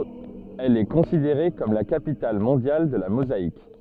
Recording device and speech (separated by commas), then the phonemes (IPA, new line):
soft in-ear microphone, read sentence
ɛl ɛ kɔ̃sideʁe kɔm la kapital mɔ̃djal də la mozaik